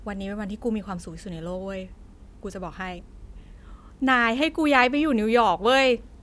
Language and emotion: Thai, happy